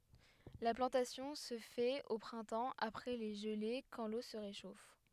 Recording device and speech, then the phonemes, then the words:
headset microphone, read sentence
la plɑ̃tasjɔ̃ sə fɛt o pʁɛ̃tɑ̃ apʁɛ le ʒəle kɑ̃ lo sə ʁeʃof
La plantation se fait au printemps, après les gelées quand l’eau se réchauffe.

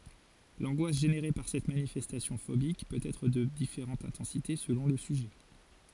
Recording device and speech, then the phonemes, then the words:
forehead accelerometer, read sentence
lɑ̃ɡwas ʒeneʁe paʁ sɛt manifɛstasjɔ̃ fobik pøt ɛtʁ də difeʁɑ̃t ɛ̃tɑ̃site səlɔ̃ lə syʒɛ
L'angoisse générée par cette manifestation phobique peut être de différente intensité selon le sujet.

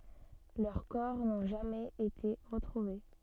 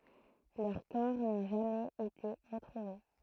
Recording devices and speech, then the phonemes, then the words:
soft in-ear microphone, throat microphone, read sentence
lœʁ kɔʁ nɔ̃ ʒamɛz ete ʁətʁuve
Leurs corps n'ont jamais été retrouvés.

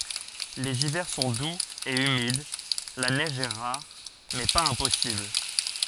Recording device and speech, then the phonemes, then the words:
forehead accelerometer, read sentence
lez ivɛʁ sɔ̃ duz e ymid la nɛʒ ɛ ʁaʁ mɛ paz ɛ̃pɔsibl
Les hivers sont doux et humides, la neige est rare mais pas impossible.

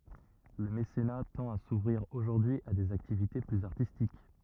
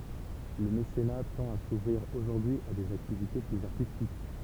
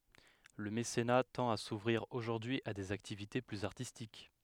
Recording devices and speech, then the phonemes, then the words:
rigid in-ear microphone, temple vibration pickup, headset microphone, read sentence
lə mesena tɑ̃t a suvʁiʁ oʒuʁdyi a dez aktivite plyz aʁtistik
Le mécénat tend à s’ouvrir aujourd’hui à des activités plus artistiques.

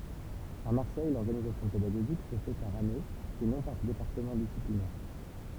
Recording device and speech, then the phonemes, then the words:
temple vibration pickup, read sentence
a maʁsɛj lɔʁɡanizasjɔ̃ pedaɡoʒik sə fɛ paʁ ane e nɔ̃ paʁ depaʁtəmɑ̃ disiplinɛʁ
À Marseille, l’organisation pédagogique se fait par année et non par département disciplinaire.

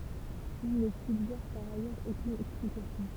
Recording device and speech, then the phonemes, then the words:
temple vibration pickup, read sentence
il nə syɡʒɛʁ paʁ ajœʁz okyn ɛksplikasjɔ̃
Il ne suggère par ailleurs aucune explication.

